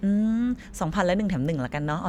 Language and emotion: Thai, happy